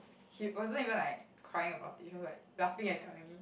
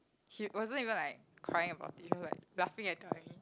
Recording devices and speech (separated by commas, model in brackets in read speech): boundary microphone, close-talking microphone, conversation in the same room